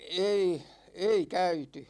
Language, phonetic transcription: Finnish, 'ei , 'ei "käyty .
- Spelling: ei ei käyty

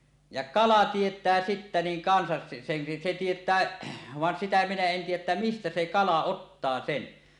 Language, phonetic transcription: Finnish, ja 'kala 'tiet̀ää 'sittä 'niiŋ 'kansas se- , sen , se 'tiet̀ää , van sitä minä 'en 'tiij̆jäˀ ˀettä "mistä 'se "kala 'ottaa "sen .
- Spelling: ja kala tietää sitten niin kanssa se sen se tietää vaan sitä minä en tiedä että mistä se kala ottaa sen

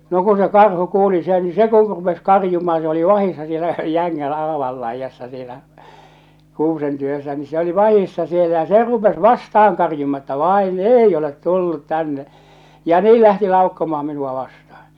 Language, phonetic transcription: Finnish, no kun se 'karhu 'kuuli sen ni se ku 'rupes "karjumaa se oli "vahissa siellä 'jäŋŋän , 'aaval laijassa sielä , 'kuusen ty₍össä ni se oli "vahissa sielä ja se "rupes "vasta₍aŋ 'karjuma̳ että "vain "ei olet "tullut "tänne , ja 'nii lähti 'laukkomaa minua vastahᴀ .
- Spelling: no kun se karhu kuuli sen niin se kun rupesi karjumaan se oli vahdissa siellä jängän aavan laidassa siellä kuusen tykönä niin se oli vahdissa siellä ja se rupesi vastaan karjumaan että vain ei ole tullut tänne ja niin lähti laukkomaan minua vastaan

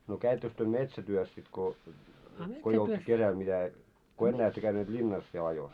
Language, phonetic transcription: Finnish, no 'käittöks työ "metsä'työs sit ko , ko ei olt 'kesäl mitä , ko 'ennää ettö käyneet 'ĺinnas siel ajos ?
- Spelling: no kävittekös te metsätyössä sitten kun kun ei ollut kesällä mitä kun enää ette käyneet linnassa siellä ajossa

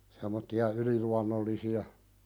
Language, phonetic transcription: Finnish, sem̆motti₍a "yliluannollisi₍a .
- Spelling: semmoisia yliluonnollisia

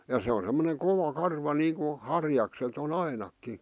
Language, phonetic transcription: Finnish, ja se o semmoneŋ 'kova 'karva niiŋku , 'harjakset ‿o" ‿ainakki .
- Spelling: ja se on semmoinen kova karva niin kuin harjakset on ainakin

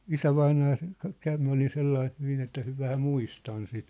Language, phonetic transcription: Finnish, isävainaa se , ka- 'käv m ‿olin̬ 'sellaih 'hyvin ‿että hy- 'vähä "muistan sit .
- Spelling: isävainaja se - kävi minä olin sellainen hyvin että - vähän muistan sitä

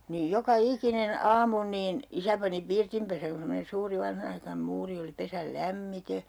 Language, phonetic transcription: Finnish, niij 'joka "ikinen 'aamu niin , 'isä pani 'pirtimpesäŋ ku semmonen̬ 'suuri 'vanhanaikanᵉm 'muuri oli 'pesäl "lämmite .
- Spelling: niin joka ikinen aamu niin isä pani pirtinpesän kun semmoinen suuri vanhanaikainen muuri oli pesän lämmiten

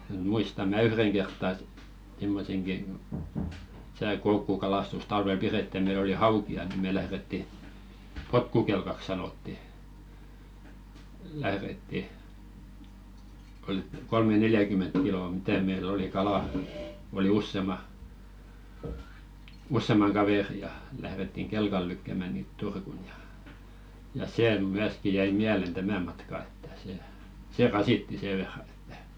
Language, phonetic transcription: Finnish, 'muistam̆ mä "yhreŋ kertta et , simmoseŋki , (tä)sä̀ 'koukkukalàstusᵗ 'talvel "piretti ja meil ‿oli "hauki₍a ni mè 'lähretti , "potkukelkak sanotti , lähretti , oi kolme'neljäkyment kilò 'mitä̀ meil ‿oli "kalà , oli "ussema , 'ussemaŋ "kavèri ja , lährettiŋ 'kelkal lykkä̀mä̀ niit "Turkun ja , ja 'see "myäski 'jäi "miälen 'tämä matka ettᴀ̈ se , "se 'rasitti sè verran ᴇttᴀ̈ .
- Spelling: muistan minä yhden kertaa että semmoisenkin tässä koukkukalastusta talvella pidettiin ja meillä oli haukia niin me lähdettiin potkukelkaksi sanottiin lähdettiin oli kolme-neljäkymmentä kiloa mitä meillä oli kalaa oli useamman useamman kaverin ja lähdettiin kelkalla lykkäämään niitä Turkuun ja ja se myöskin jäi mieleen tämä matka että se se rasitti sen verran että

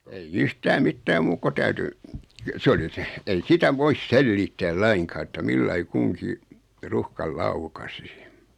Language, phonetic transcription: Finnish, ei"j ‿yhtää "mittää 'muuk ko 'täyty , 'sᵉ oli seh 'ei "sitä 'vois "selliittääl "laiŋkaa että 'millai 'kuŋki , 'ruhkal "laukasi(sɪ) .
- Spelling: ei yhtään mitään muuta kun täytyi se oli se ei sitä voi selittää lainkaan että millä lailla kunkin ruuhkan laukaisisi

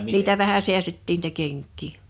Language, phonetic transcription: Finnish, 'niitä vähä 'si̬ästettiin n[ii]tä 'kèŋk̆kii .
- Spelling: niitä vähän säästettiin niitä kenkiä

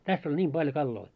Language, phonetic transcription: Finnish, täss ‿oĺ 'ńiim ʙaljo 'kalloi .
- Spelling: tässä oli niin paljon kaloja

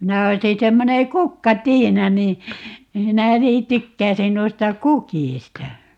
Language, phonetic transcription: Finnish, 'minä 'oisi 'semmone "kukkatiina nii , 'minä 'nii "tykkäisin 'noista "kukìsta .
- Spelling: minä olisin semmoinen kukkatiina niin minä niin tykkäisin noista kukista

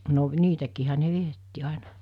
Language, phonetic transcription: Finnish, no , 'niitäkiihä ne 'vietti 'àena ,.
- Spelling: no niitäkin ne vietti aina

